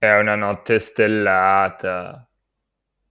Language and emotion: Italian, disgusted